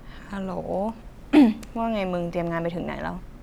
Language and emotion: Thai, frustrated